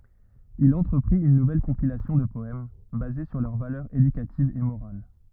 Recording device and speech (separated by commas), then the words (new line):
rigid in-ear microphone, read sentence
Il entreprit une nouvelle compilation de poèmes, basée sur leurs valeurs éducatives et morales.